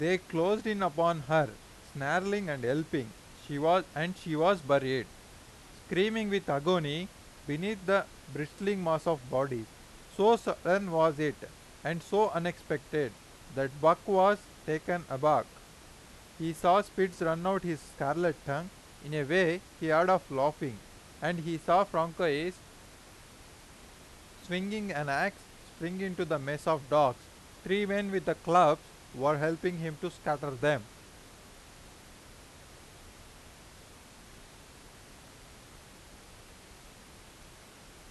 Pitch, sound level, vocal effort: 165 Hz, 93 dB SPL, very loud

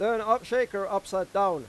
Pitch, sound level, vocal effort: 200 Hz, 100 dB SPL, loud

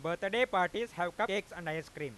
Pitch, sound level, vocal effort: 175 Hz, 100 dB SPL, loud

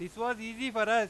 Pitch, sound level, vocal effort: 230 Hz, 102 dB SPL, loud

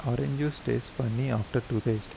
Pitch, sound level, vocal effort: 125 Hz, 79 dB SPL, soft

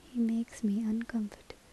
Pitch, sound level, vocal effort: 225 Hz, 72 dB SPL, soft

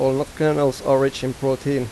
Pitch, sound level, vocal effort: 135 Hz, 88 dB SPL, normal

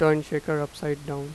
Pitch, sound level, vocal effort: 150 Hz, 88 dB SPL, normal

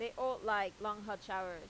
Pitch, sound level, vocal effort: 210 Hz, 93 dB SPL, loud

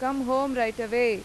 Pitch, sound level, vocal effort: 240 Hz, 94 dB SPL, loud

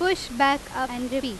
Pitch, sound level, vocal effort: 270 Hz, 90 dB SPL, very loud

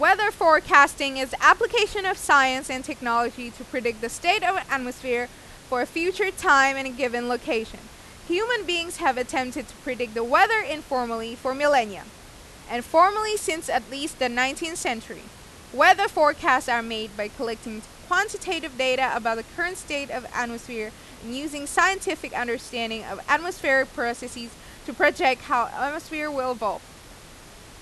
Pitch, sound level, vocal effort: 270 Hz, 95 dB SPL, very loud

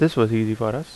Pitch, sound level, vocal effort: 115 Hz, 80 dB SPL, normal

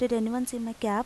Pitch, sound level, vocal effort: 235 Hz, 83 dB SPL, normal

